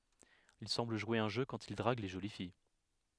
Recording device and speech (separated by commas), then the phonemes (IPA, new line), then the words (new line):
headset microphone, read sentence
il sɑ̃bl ʒwe œ̃ ʒø kɑ̃t il dʁaɡ le ʒoli fij
Il semble jouer un jeu quand il drague les jolies filles.